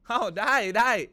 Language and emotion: Thai, happy